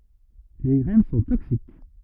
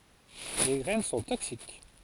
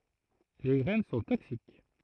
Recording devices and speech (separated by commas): rigid in-ear microphone, forehead accelerometer, throat microphone, read sentence